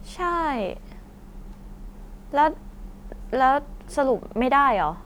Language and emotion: Thai, frustrated